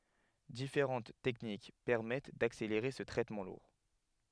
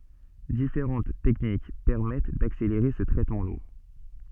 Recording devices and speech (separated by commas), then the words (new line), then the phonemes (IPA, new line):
headset microphone, soft in-ear microphone, read sentence
Différentes techniques permettent d'accélérer ce traitement lourd.
difeʁɑ̃t tɛknik pɛʁmɛt dakseleʁe sə tʁɛtmɑ̃ luʁ